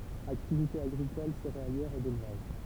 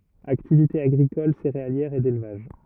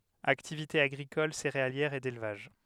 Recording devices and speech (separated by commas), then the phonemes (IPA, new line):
temple vibration pickup, rigid in-ear microphone, headset microphone, read sentence
aktivite aɡʁikɔl seʁealjɛʁ e delvaʒ